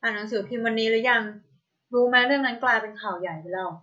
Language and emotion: Thai, neutral